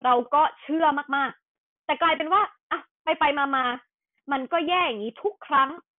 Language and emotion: Thai, frustrated